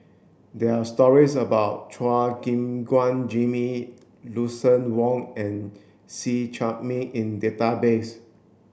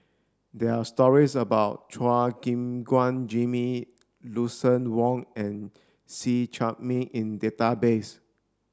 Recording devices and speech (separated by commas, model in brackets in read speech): boundary microphone (BM630), standing microphone (AKG C214), read sentence